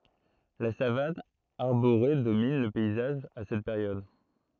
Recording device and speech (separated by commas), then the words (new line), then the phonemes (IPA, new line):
throat microphone, read sentence
La savane arborée domine le paysage à cette période.
la savan aʁboʁe domin lə pɛizaʒ a sɛt peʁjɔd